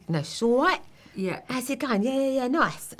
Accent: in cockney accent